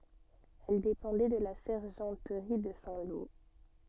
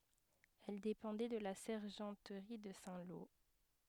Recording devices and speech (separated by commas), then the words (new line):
soft in-ear microphone, headset microphone, read sentence
Elle dépendait de la sergenterie de Saint-Lô.